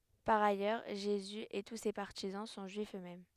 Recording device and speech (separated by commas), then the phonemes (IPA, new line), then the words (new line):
headset microphone, read sentence
paʁ ajœʁ ʒezy e tu se paʁtizɑ̃ sɔ̃ ʒyifz øksmɛm
Par ailleurs, Jésus et tous ses partisans sont Juifs eux-mêmes.